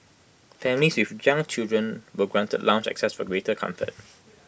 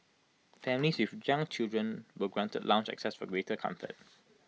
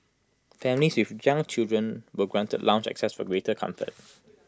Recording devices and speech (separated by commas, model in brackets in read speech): boundary microphone (BM630), mobile phone (iPhone 6), close-talking microphone (WH20), read sentence